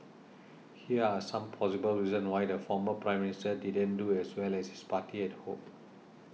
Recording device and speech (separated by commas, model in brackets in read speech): mobile phone (iPhone 6), read sentence